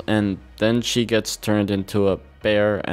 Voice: monotone